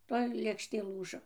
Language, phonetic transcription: Lithuanian, ˈtoj lėkšˈtė ˈlūžo

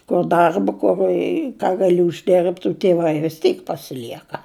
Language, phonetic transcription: Lithuanian, kur ˈdarba ˈkur i ką gaˈli užˈdirbt u tiˈvai vis ˈtyk pasiˈlieka

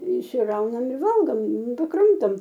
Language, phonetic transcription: Lithuanian, išsiˈraunam i ˈvalgom nu paˈkramtom

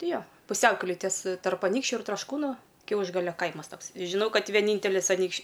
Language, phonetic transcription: Lithuanian, ˈti ˈjo puˈsiaukelėj ties tarp aˈnykščiu ir trašˈkūnu ˈkiaušgalio ˈkaimas ˈtoks žiˈnau ˈkad vieˈnyntelis aˈnykš'

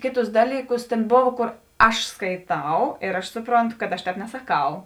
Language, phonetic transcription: Lithuanian, ˈkėˌtus ˈdalyˌkus tėn ˈbov ˈkor ˈaš skaiˈtau ir aš ˈsupronˌtu kad aš ˈtēp nesaˈkau

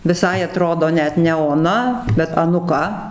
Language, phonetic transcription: Lithuanian, viˈsai aˈtrodo ˈnet ne oˈna bet anuˈka

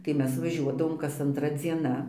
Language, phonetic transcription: Lithuanian, tai ˈmes vaˈžiuodavom kas anˈtra dzieˈna

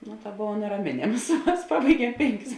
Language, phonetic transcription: Lithuanian, no ta ˈbova neraˈmėnėms ˈmas ˈpabaiˌgiem ˈpėnˌkis

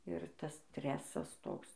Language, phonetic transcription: Lithuanian, ir ˈtas ˈstresas ˈtoks

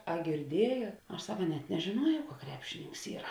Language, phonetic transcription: Lithuanian, a girˈdiejot ˈaš ˈsaka net nežėˈnuojau ka ˈkrepšininks ˈyra

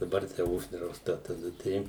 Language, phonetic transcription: Lithuanian, daˈbar tai ˈuždrausta taˈda ˈtai

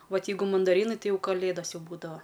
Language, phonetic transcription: Lithuanian, ˈvat ˈjeigu mandaˈrynai ˈtai ˈjau kaˈlėdas ˈjau būdava

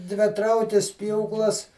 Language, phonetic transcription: Lithuanian, dviˈtraukis ˈpjūklas

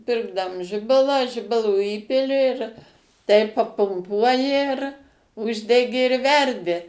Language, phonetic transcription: Lithuanian, ˈpirkdam ˈžibalą ˈžibalo ˈįpili tai papumˈpuoji ir ˈuždegi ir ˈverdi

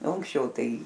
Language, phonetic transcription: Lithuanian, o anksˈčiau ˈtai

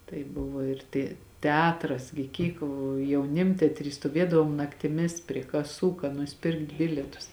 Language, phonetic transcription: Lithuanian, tai ˈbuvo ir ˈte teˈatras gi ˈkyk jauˈnimtetry stuoˈviedavom naktiˈmis prie kaˈsų ka nusiˈpirkt ˈbilietus

